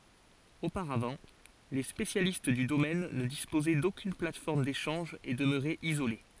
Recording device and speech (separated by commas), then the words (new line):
forehead accelerometer, read sentence
Auparavant, les spécialistes du domaine ne disposaient d’aucune plateforme d’échange et demeuraient isolés.